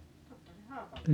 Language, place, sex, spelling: Finnish, Paavola, female, - - Haapavedelle
- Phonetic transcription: 'totta se "Haapaveelle ,.

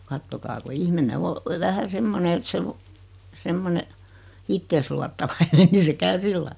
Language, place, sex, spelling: Finnish, Noormarkku, female, katsokaa kun ihminen on vähän semmoinen että se - semmoinen itseensä luottavainen niin se käy sillä lailla
- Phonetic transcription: 'kattokaa ku 'ihmine o , 'vähä "semmone et se 'lu- , 'semmone , 'ittees luattavainen ni se 'käy "sillai .

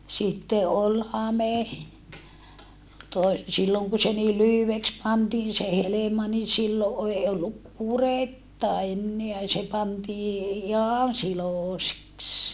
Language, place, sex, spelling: Finnish, Saarijärvi, female, sitten oli hame - silloin kun se niin lyhyeksi pantiin se helma niin silloin ei ollut kuretta enää se pantiin ihan siloiseksi
- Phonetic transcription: sitte ʼol hame , toe- , silloŋ ku se nii lyhyveks pantiin se helema ni sillo ʼei olluk kuretta enneä se pantii ihan silòseks .

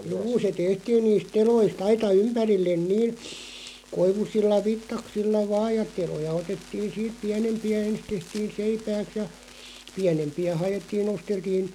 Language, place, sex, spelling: Finnish, Loppi, male, juu se tehtiin niistä teloista aita ympärille niillä koivuisilla vitsaksilla vain ja teloja otettiin siitä pienempiä ensin tehtiin seipääksi ja pienempiä haettiin nosteltiin
- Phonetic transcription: 'juu se 'tehtiin niist "telois't ‿aita "ympärillen 'nii(l) , 'koivusilla "vittaksilla 'vaaʲ ja 'teloja 'otettiin̬ siit "piänempi₍ä 'ens tehtiin̬ "seipääks ja , "piänempi₍ä 'haʲettiin 'nosteltiin ,.

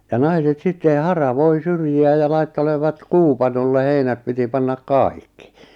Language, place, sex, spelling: Finnish, Lappajärvi, male, ja naiset sitten haravoi syrjiä ja laittelevat kuupanolle heinät piti panna kaikki
- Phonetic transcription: ja 'naiset sitten 'hara'voi 'syrji₍ä ja "laittelevat 'kuupanolle 'heinät piti pannak "kài̬kkl .

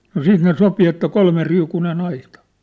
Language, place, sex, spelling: Finnish, Sippola, male, no sitten ne sopi että kolmeriukuinen aita
- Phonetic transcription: no "siit ne 'sopi että 'kolmeriukune'n ‿aitᴀ .

